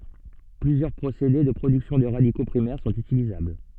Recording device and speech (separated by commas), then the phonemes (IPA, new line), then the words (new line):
soft in-ear microphone, read sentence
plyzjœʁ pʁosede də pʁodyksjɔ̃ də ʁadiko pʁimɛʁ sɔ̃t ytilizabl
Plusieurs procédés de production de radicaux primaires sont utilisables.